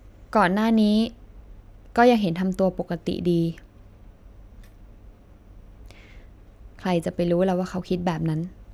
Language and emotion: Thai, sad